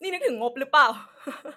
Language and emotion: Thai, happy